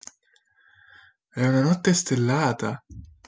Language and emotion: Italian, surprised